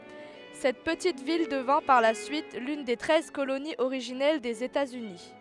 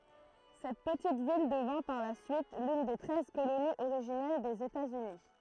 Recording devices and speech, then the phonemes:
headset microphone, throat microphone, read sentence
sɛt pətit vil dəvɛ̃ paʁ la syit lyn de tʁɛz koloniz oʁiʒinɛl dez etaz yni

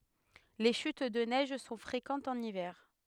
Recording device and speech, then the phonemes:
headset microphone, read sentence
le ʃyt də nɛʒ sɔ̃ fʁekɑ̃tz ɑ̃n ivɛʁ

